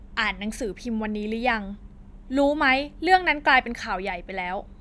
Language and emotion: Thai, angry